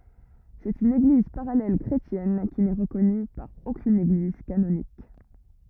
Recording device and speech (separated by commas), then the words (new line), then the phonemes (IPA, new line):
rigid in-ear microphone, read sentence
C'est une Église parallèle chrétienne qui n'est reconnue par aucune Église canonique.
sɛt yn eɡliz paʁalɛl kʁetjɛn ki nɛ ʁəkɔny paʁ okyn eɡliz kanonik